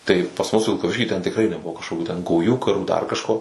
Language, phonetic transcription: Lithuanian, tai pas mus vilkaˈvišky ten tikˈrai neˈbuvo kažkokių ten gauˈjų kaˈrų dar kažˈko

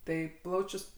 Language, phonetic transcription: Lithuanian, ˈtai ˈplaučius

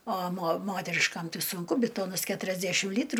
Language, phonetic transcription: Lithuanian, o mo ˈmoteriškam ˈtai sunˈku biˈtonas keturiasˈdæšim ˈlytru

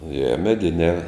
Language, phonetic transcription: Lithuanian, je meˈdinē

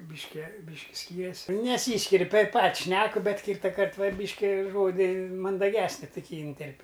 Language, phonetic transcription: Lithuanian, bišˈke ˈbyški ˈskyrias' neˈsyskir' taip ˈpat ˈšneku ˈbet ˈkytakart ˈva ˈbyški ˈžodi mandaˈgesni tuˈkį ynˈterp'

